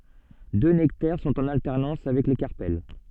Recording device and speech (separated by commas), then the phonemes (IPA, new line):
soft in-ear microphone, read sentence
dø nɛktɛʁ sɔ̃t ɑ̃n altɛʁnɑ̃s avɛk le kaʁpɛl